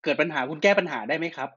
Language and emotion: Thai, neutral